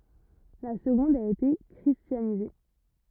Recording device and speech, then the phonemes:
rigid in-ear microphone, read sentence
la səɡɔ̃d a ete kʁistjanize

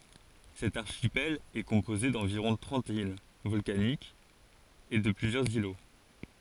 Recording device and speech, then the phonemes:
forehead accelerometer, read sentence
sɛt aʁʃipɛl ɛ kɔ̃poze dɑ̃viʁɔ̃ tʁɑ̃t il vɔlkanikz e də plyzjœʁz ilo

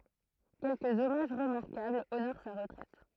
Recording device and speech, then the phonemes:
throat microphone, read sentence
kɛlkəz ɔmaʒ ʁəmaʁkabl onoʁ sa ʁətʁɛt

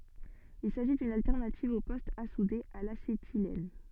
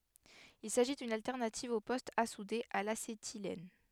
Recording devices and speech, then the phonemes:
soft in-ear microphone, headset microphone, read sentence
il saʒi dyn altɛʁnativ o pɔstz a sude a lasetilɛn

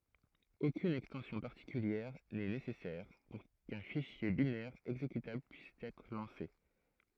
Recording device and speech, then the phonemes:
throat microphone, read sentence
okyn ɛkstɑ̃sjɔ̃ paʁtikyljɛʁ nɛ nesɛsɛʁ puʁ kœ̃ fiʃje binɛʁ ɛɡzekytabl pyis ɛtʁ lɑ̃se

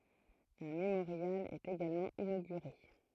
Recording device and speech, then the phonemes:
throat microphone, read sentence
œ̃ memoʁjal ɛt eɡalmɑ̃ inoɡyʁe

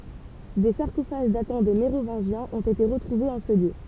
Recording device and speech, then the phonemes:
temple vibration pickup, read sentence
de saʁkofaʒ datɑ̃ de meʁovɛ̃ʒjɛ̃z ɔ̃t ete ʁətʁuvez ɑ̃ sə ljø

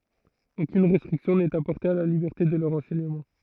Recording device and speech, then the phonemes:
throat microphone, read sentence
okyn ʁɛstʁiksjɔ̃ nɛt apɔʁte a la libɛʁte də lœʁ ɑ̃sɛɲəmɑ̃

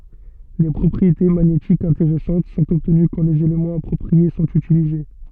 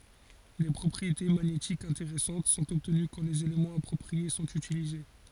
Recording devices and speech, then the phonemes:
soft in-ear microphone, forehead accelerometer, read sentence
de pʁɔpʁiete maɲetikz ɛ̃teʁɛsɑ̃t sɔ̃t ɔbtəny kɑ̃ lez elemɑ̃z apʁɔpʁie sɔ̃t ytilize

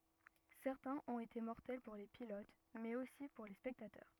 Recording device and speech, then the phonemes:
rigid in-ear microphone, read sentence
sɛʁtɛ̃z ɔ̃t ete mɔʁtɛl puʁ le pilot mɛz osi puʁ le spɛktatœʁ

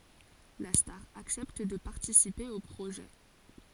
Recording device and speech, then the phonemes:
forehead accelerometer, read sentence
la staʁ aksɛpt də paʁtisipe o pʁoʒɛ

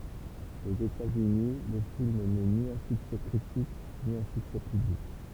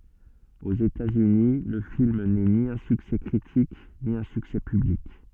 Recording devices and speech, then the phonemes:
temple vibration pickup, soft in-ear microphone, read sentence
oz etatsyni lə film nɛ ni œ̃ syksɛ kʁitik ni œ̃ syksɛ pyblik

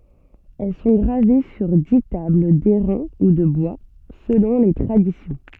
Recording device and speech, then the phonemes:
soft in-ear microphone, read sentence
ɛl sɔ̃ ɡʁave syʁ di tabl dɛʁɛ̃ u də bwa səlɔ̃ le tʁadisjɔ̃

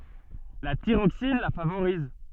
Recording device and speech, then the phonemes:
soft in-ear microphone, read sentence
la tiʁoksin la favoʁiz

